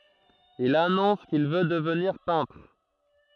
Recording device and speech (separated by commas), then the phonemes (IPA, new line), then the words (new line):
throat microphone, read sentence
il anɔ̃s kil vø dəvniʁ pɛ̃tʁ
Il annonce qu'il veut devenir peintre.